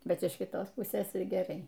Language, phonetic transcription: Lithuanian, ˈbet iš kiˈtos ˈpusės ir geˈrai

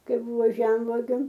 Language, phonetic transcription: Lithuanian, ˈkai ˈbuvo ˈžemvuogiu

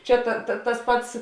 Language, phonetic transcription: Lithuanian, ˈčia ta ta tas ˈpats

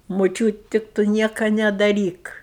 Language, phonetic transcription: Lithuanian, muˈčiūt tik ˈtu ˈnieka nedaˈryk

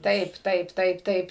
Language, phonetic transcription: Lithuanian, ˈtaip ˈtaip ˈtaip ˈtaip

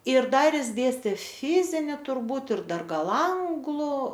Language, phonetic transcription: Lithuanian, ir ˈdar ˈjis ˈdėstė ˈfizini turˈbūt ir ˈdar ˈgal ˈanglu

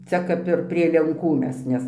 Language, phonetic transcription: Lithuanian, ˈcia kap ir prie lenˈkų ˈmes ˈnes

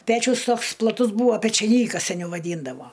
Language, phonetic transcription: Lithuanian, ˈpečius ˈtoks plaˈtus ˈbūvo pečiaˈnykas seˈniau vaˈdyndavo

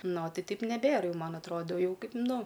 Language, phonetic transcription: Lithuanian, ˈno ˈtai ˈtaip neˈbėr ˈjau ˈman atˈrodo ˈjau ˈkaip ˈnu

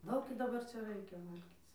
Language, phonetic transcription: Lithuanian, ˈdaug ir daˈbarˈ čia ˈraikia ˈvalgyc

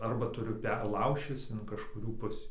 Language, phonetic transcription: Lithuanian, arˈba tuˈriu ˈper ˈlaužčis in kažkuˈrių ˈpusį

